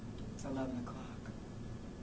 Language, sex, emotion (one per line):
English
female
neutral